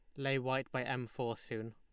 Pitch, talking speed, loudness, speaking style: 125 Hz, 235 wpm, -38 LUFS, Lombard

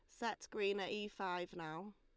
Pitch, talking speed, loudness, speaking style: 195 Hz, 205 wpm, -43 LUFS, Lombard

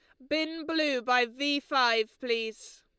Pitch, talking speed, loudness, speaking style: 260 Hz, 145 wpm, -28 LUFS, Lombard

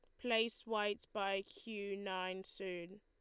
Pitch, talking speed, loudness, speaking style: 200 Hz, 130 wpm, -41 LUFS, Lombard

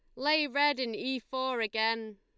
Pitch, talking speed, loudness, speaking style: 255 Hz, 185 wpm, -30 LUFS, Lombard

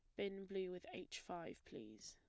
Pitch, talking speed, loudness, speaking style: 185 Hz, 190 wpm, -50 LUFS, plain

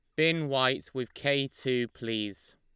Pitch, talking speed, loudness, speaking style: 130 Hz, 155 wpm, -30 LUFS, Lombard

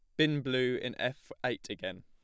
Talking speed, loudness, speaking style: 195 wpm, -34 LUFS, plain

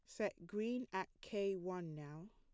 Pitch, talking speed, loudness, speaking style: 190 Hz, 170 wpm, -44 LUFS, plain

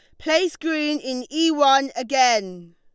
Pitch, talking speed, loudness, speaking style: 275 Hz, 140 wpm, -20 LUFS, Lombard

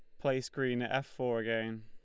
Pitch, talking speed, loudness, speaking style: 120 Hz, 220 wpm, -35 LUFS, Lombard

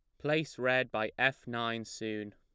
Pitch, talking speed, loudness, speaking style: 120 Hz, 170 wpm, -33 LUFS, plain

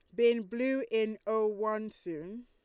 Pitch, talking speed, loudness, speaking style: 220 Hz, 160 wpm, -32 LUFS, Lombard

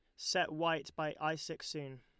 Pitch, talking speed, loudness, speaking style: 155 Hz, 200 wpm, -37 LUFS, Lombard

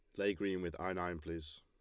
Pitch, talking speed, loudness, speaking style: 90 Hz, 255 wpm, -40 LUFS, Lombard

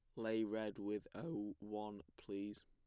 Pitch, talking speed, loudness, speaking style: 105 Hz, 145 wpm, -45 LUFS, plain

